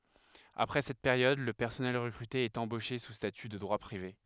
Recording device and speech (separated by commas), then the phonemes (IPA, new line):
headset microphone, read sentence
apʁɛ sɛt peʁjɔd lə pɛʁsɔnɛl ʁəkʁyte ɛt ɑ̃boʃe su staty də dʁwa pʁive